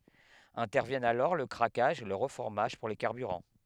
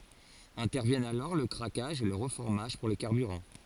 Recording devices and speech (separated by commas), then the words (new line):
headset microphone, forehead accelerometer, read sentence
Interviennent alors le craquage et le reformage pour les carburants.